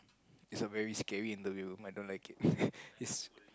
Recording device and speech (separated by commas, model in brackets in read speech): close-talking microphone, conversation in the same room